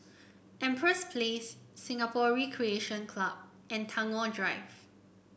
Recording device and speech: boundary microphone (BM630), read sentence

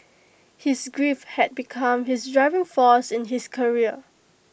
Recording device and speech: boundary microphone (BM630), read sentence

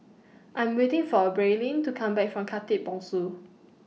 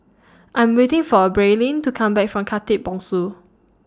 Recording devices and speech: mobile phone (iPhone 6), standing microphone (AKG C214), read sentence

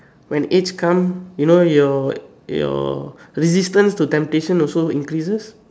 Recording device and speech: standing microphone, conversation in separate rooms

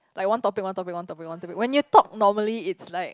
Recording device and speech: close-talking microphone, conversation in the same room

